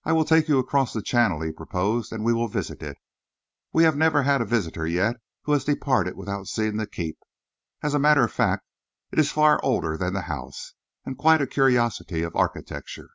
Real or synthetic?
real